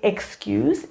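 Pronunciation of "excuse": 'Excuse' is pronounced incorrectly here.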